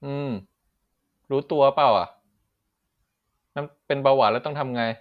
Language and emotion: Thai, frustrated